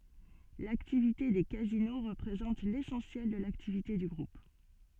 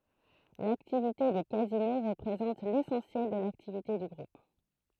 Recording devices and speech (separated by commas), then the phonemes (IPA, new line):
soft in-ear microphone, throat microphone, read sentence
laktivite de kazino ʁəpʁezɑ̃t lesɑ̃sjɛl də laktivite dy ɡʁup